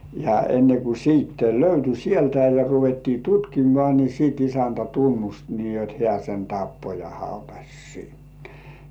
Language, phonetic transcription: Finnish, ja enne ku 'siitte löyty "sieltä ja 'ruvettii "tutkimŏà ni 'sìt isäntä "tunnust nii jot "hĕ§ä̀ sen 'tappo ja 'hautaś sinnᴇ .
- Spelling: ja ennen kuin sitten löytyi sieltä ja ruvettiin tutkimaan niin sitten isäntä tunnusti niin jotta hän sen tappoi ja hautasi sinne

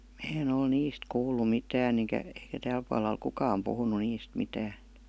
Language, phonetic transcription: Finnish, 'mä en ‿ol "niist 'kuul̆lu 'mitään ‿eŋkä , eikä 'tääl pual̀a oi 'kukam puhunu "niist 'mitään̬ .
- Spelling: minä en ole niistä kuullut mitään enkä eikä täällä puolella ole kukaan puhunut niistä mitään

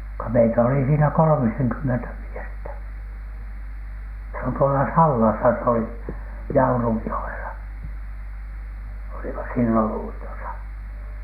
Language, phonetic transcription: Finnish, ko meitä oli siinä "kolᵒmiseŋkymmentä 'miestä , se on tuola "Sallasa s ‿oli , "Jaurujjo₍ela , olima siilon 'uitosa .
- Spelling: kun meitä oli siinä kolmisenkymmentä miestä se on tuolla Sallassa se oli Jaurujoella olimme silloin uitossa

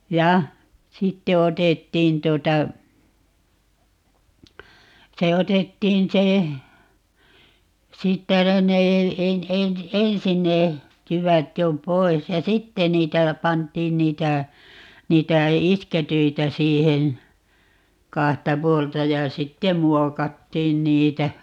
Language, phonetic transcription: Finnish, "ja , 'sitte 'otettiin 'tuota , 'se "otettiin 'se , 'siittä no ne , 'e- , en- , "ensin ne , 'jyvät jo "poi̮s ja "sitte 'niitä , 'pant̀iin niitä , 'niitä "isketyitä 'siihen̬ , 'kahta "puolta ja "sittem 'muokattiin 'niitä .
- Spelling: ja sitten otettiin tuota se otettiin se siitä no ne - - ensin ne jyvät jo pois ja sitten niitä pantiin niitä niitä iskettyjä siihen kahta puolta ja sitten muokattiin niitä

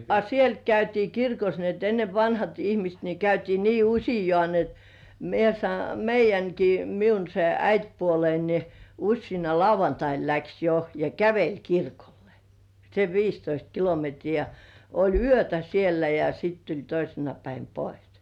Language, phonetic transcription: Finnish, a "sielt käytii 'kirkos ni et enne vanhat ihmist ni 'käytii nii "uśijŏ§à ni et , mie sa- 'meij̆jäŋki 'miun se "äitpuolein ni , 'uśsiina "lauvantain läks 'jo ja "käveĺ 'kirkollᴇ , sev "viistoist 'kilometrii ja , oĺ "yötä 'siellä ja sit tuĺ 'toisena päin "pois .
- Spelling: a sieltä käytiin kirkossa niin että ennen vanhat ihmiset niin käytiin niin useaan niin että minä - meidänkin minun se äitipuoleni niin useana lauantaina lähti jo ja käveli kirkolle sen viisitoista kilometriä ja oli yötä siellä ja sitten tuli toisena päivänä pois

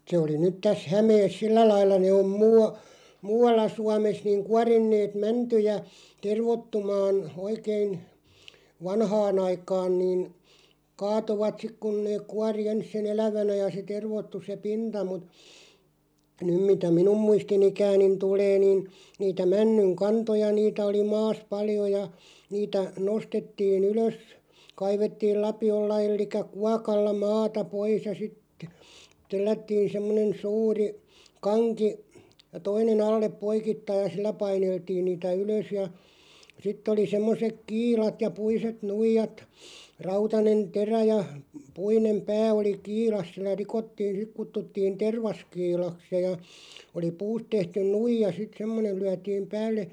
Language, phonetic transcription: Finnish, se oli nyt 'täs "Hämees 'sillä lailla ne om 'muu₍a- , "muu₍alla 'Suames niŋ 'kuarinneet 'mäntyjä , "tervottumaan , 'oikein , 'vanhaan ‿aikaan niin , 'kaatovat 'sik kun nee 'kuari "ens sen "elävänä ja se 'tervottu se "pinta mut , 'nym mitä "minum 'muistinikäänin tulee nin , 'niitä 'männyŋ "kantoja niitä oli "maas 'paljo ja , niitä 'nostettii"n ‿ylös , 'kaivettiil 'lapi₍olla ellik̀ä "kuakalla 'maata 'pois ja sittᴇ , 'tellättiin semmonen "suuri , 'kaŋki , 'toine'n ‿allep "poikittaij ja "sillä 'paineltiin niitä "ylös ja , 'sitt ‿oli 'semmosek "kiilat ja 'puiset 'nuijat , 'rautanen "terä ja , 'puinem "pää oli "kiilas sil̆lä 'rikottiin̬ 'sik "kuttuttiin "tervaskiilaks (ja) ja , oli "puust tehtyn 'nuija sit 'semmonen̬ 'lyätiim "päälle ,.
- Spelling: se oli nyt tässä Hämeessä sillä lailla ne on - muualla Suomessa niin kuorineet mäntyjä tervoittumaan oikein vanhaan aikaan niin kaatoivat sitten kun ne kuori ensin sen elävänä ja se tervoittui se pinta mutta nyt mitä minun muistinikääni tulee niin niitä männyn kantoja niitä oli maassa paljon ja niitä nostettiin ylös kaivettiin lapiolla eli kuokalla maata pois ja sitten tellättiin semmoinen suuri kanki toinen alle poikittain ja sillä paineltiin niitä ylös ja sitten oli semmoiset kiilat ja puiset nuijat rautainen terä ja puinen pää oli kiilassa sillä rikottiin sitten kutsuttiin tervaskiilaksi ja ja oli puusta tehty nuija sitten semmoinen lyötiin päälle

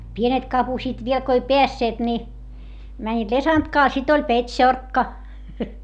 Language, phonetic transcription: Finnish, pienet kapusiit viel ko ei peässeet ni , mäńńiit lesantkaa - sit ‿oĺ pet́šorkka .
- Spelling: pienet kapusivat vielä kun ei päässeet niin menivät lesantkaa sitten oli petsorkka

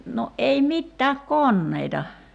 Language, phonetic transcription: Finnish, no '’ei 'mittääk "konneita .
- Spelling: no ei mitään koneita

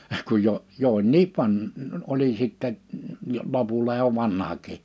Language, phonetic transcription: Finnish, kuj jo , jo oĺ "niiv 'van- , oli sitte , jo 'lopulla jo 'vanhak̀i .
- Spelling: kun jo jo oli niin - oli sitten jo lopulla jo vanhakin

